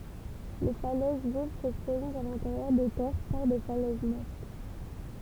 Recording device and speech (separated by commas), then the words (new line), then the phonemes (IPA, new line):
temple vibration pickup, read sentence
Les falaises vives se prolongent à l'intérieur des terres par des falaises mortes.
le falɛz viv sə pʁolɔ̃ʒt a lɛ̃teʁjœʁ de tɛʁ paʁ de falɛz mɔʁt